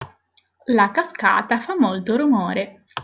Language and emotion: Italian, neutral